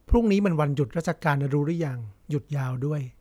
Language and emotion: Thai, neutral